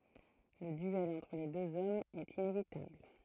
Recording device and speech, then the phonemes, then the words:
throat microphone, read sentence
lə dyɛl ɑ̃tʁ le døz ɔmz ɛt inevitabl
Le duel entre les deux hommes est inévitable.

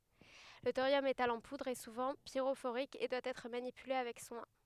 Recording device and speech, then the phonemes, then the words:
headset microphone, read sentence
lə toʁjɔm metal ɑ̃ pudʁ ɛ suvɑ̃ piʁofoʁik e dwa ɛtʁ manipyle avɛk swɛ̃
Le thorium métal en poudre est souvent pyrophorique et doit être manipulé avec soin.

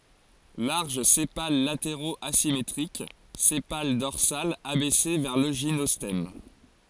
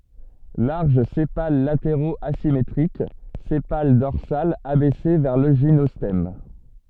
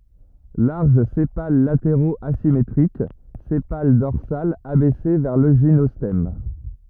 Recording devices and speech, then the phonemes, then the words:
forehead accelerometer, soft in-ear microphone, rigid in-ear microphone, read sentence
laʁʒ sepal lateʁoz azimetʁik sepal dɔʁsal abɛse vɛʁ lə ʒinɔstɛm
Larges sépales latéraux asymétriques, sépale dorsal abaissé vers le gynostème.

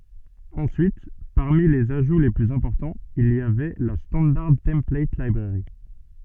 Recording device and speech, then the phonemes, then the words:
soft in-ear microphone, read sentence
ɑ̃syit paʁmi lez aʒu le plyz ɛ̃pɔʁtɑ̃z il i avɛ la stɑ̃daʁ tɑ̃plat libʁɛʁi
Ensuite, parmi les ajouts les plus importants, il y avait la Standard Template Library.

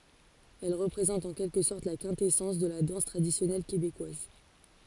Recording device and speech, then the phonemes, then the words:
forehead accelerometer, read sentence
ɛl ʁəpʁezɑ̃t ɑ̃ kɛlkə sɔʁt la kɛ̃tɛsɑ̃s də la dɑ̃s tʁadisjɔnɛl kebekwaz
Elle représente en quelque sorte la quintessence de la danse traditionnelle québécoise.

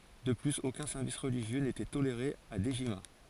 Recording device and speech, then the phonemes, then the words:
forehead accelerometer, read sentence
də plyz okœ̃ sɛʁvis ʁəliʒjø netɛ toleʁe a dəʒima
De plus, aucun service religieux n’était toléré à Dejima.

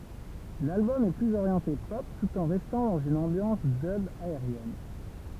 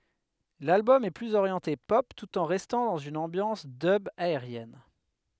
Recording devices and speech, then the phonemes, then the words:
temple vibration pickup, headset microphone, read sentence
lalbɔm ɛ plyz oʁjɑ̃te pɔp tut ɑ̃ ʁɛstɑ̃ dɑ̃z yn ɑ̃bjɑ̃s dœb aeʁjɛn
L'album est plus orienté pop tout en restant dans une ambiance dub aérienne.

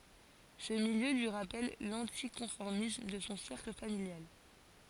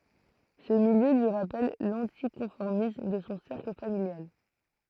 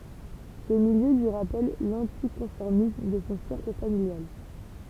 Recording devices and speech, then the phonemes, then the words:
forehead accelerometer, throat microphone, temple vibration pickup, read sentence
sə miljø lyi ʁapɛl lɑ̃tikɔ̃fɔʁmism də sɔ̃ sɛʁkl familjal
Ce milieu lui rappelle l'anticonformisme de son cercle familial.

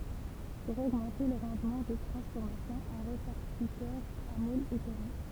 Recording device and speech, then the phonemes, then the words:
temple vibration pickup, read sentence
puʁ oɡmɑ̃te lə ʁɑ̃dmɑ̃ də tʁɑ̃sfɔʁmasjɔ̃ œ̃ ʁepaʁtitœʁ a mulz ɛ pɛʁmi
Pour augmenter le rendement de transformation, un répartiteur à moules est permis.

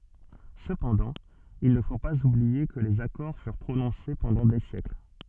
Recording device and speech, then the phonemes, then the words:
soft in-ear microphone, read sentence
səpɑ̃dɑ̃ il nə fo paz ublie kə lez akɔʁ fyʁ pʁonɔ̃se pɑ̃dɑ̃ de sjɛkl
Cependant, il ne faut pas oublier que les accords furent prononcés pendant des siècles.

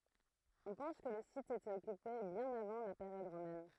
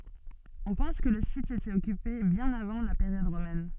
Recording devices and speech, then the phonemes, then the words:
throat microphone, soft in-ear microphone, read sentence
ɔ̃ pɑ̃s kə lə sit etɛt ɔkype bjɛ̃n avɑ̃ la peʁjɔd ʁomɛn
On pense que le site était occupé bien avant la période romaine.

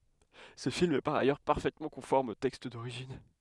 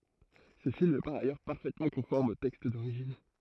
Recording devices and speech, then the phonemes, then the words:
headset microphone, throat microphone, read sentence
sə film ɛ paʁ ajœʁ paʁfɛtmɑ̃ kɔ̃fɔʁm o tɛkst doʁiʒin
Ce film est par ailleurs parfaitement conforme au texte d'origine.

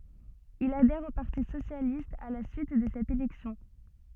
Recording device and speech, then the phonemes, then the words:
soft in-ear microphone, read sentence
il adɛʁ o paʁti sosjalist a la syit də sɛt elɛksjɔ̃
Il adhère au Parti socialiste à la suite de cette élection.

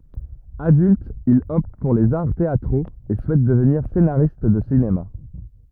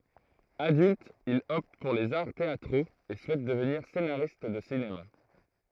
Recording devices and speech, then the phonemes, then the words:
rigid in-ear microphone, throat microphone, read sentence
adylt il ɔpt puʁ lez aʁ teatʁoz e suɛt dəvniʁ senaʁist də sinema
Adulte, il opte pour les arts théâtraux et souhaite devenir scénariste de cinéma.

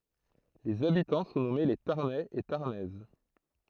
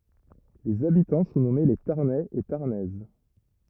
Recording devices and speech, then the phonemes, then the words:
throat microphone, rigid in-ear microphone, read sentence
lez abitɑ̃ sɔ̃ nɔme le taʁnɛz e taʁnɛz
Les habitants sont nommés les Tarnais et Tarnaises.

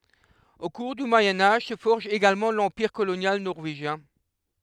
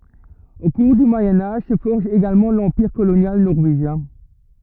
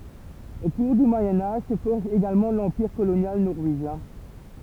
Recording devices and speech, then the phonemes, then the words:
headset microphone, rigid in-ear microphone, temple vibration pickup, read sentence
o kuʁ dy mwajɛ̃ aʒ sə fɔʁʒ eɡalmɑ̃ lɑ̃piʁ kolonjal nɔʁveʒjɛ̃
Au cours du Moyen Âge se forge également l'Empire colonial norvégien.

